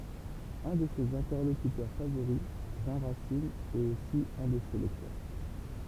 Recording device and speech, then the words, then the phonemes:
temple vibration pickup, read sentence
Un de ses interlocuteurs favoris Jean Racine est aussi un de ses lecteurs.
œ̃ də sez ɛ̃tɛʁlokytœʁ favoʁi ʒɑ̃ ʁasin ɛt osi œ̃ də se lɛktœʁ

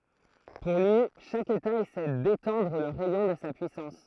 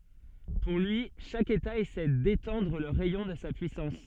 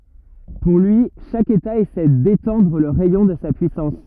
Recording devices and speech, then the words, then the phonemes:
throat microphone, soft in-ear microphone, rigid in-ear microphone, read sentence
Pour lui, chaque État essaie d’étendre le rayon de sa puissance.
puʁ lyi ʃak eta esɛ detɑ̃dʁ lə ʁɛjɔ̃ də sa pyisɑ̃s

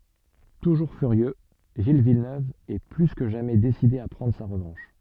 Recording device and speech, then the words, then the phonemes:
soft in-ear microphone, read sentence
Toujours furieux, Gilles Villeneuve est plus que jamais décidé à prendre sa revanche.
tuʒuʁ fyʁjø ʒil vilnøv ɛ ply kə ʒamɛ deside a pʁɑ̃dʁ sa ʁəvɑ̃ʃ

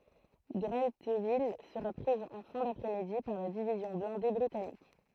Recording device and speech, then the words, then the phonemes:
throat microphone, read sentence
Grentheville sera prise en fin d’après-midi par la division blindée britannique.
ɡʁɑ̃tvil səʁa pʁiz ɑ̃ fɛ̃ dapʁɛ midi paʁ la divizjɔ̃ blɛ̃de bʁitanik

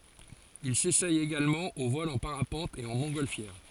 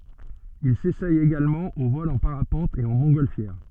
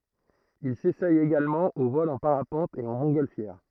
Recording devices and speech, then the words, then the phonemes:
forehead accelerometer, soft in-ear microphone, throat microphone, read sentence
Il s'essaie également au vol en parapente et en montgolfière.
il sesɛ eɡalmɑ̃ o vɔl ɑ̃ paʁapɑ̃t e ɑ̃ mɔ̃tɡɔlfjɛʁ

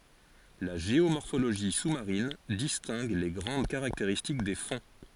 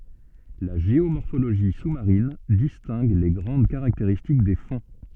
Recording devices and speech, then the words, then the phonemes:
forehead accelerometer, soft in-ear microphone, read sentence
La géomorphologie sous-marine distingue les grandes caractéristiques des fonds.
la ʒeomɔʁfoloʒi su maʁin distɛ̃ɡ le ɡʁɑ̃d kaʁakteʁistik de fɔ̃

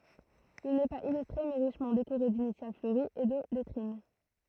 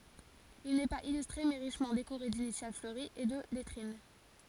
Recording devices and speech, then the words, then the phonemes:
throat microphone, forehead accelerometer, read sentence
Il n'est pas illustré, mais richement décoré d'initiales fleuries et de lettrines.
il nɛ paz ilystʁe mɛ ʁiʃmɑ̃ dekoʁe dinisjal fløʁiz e də lɛtʁin

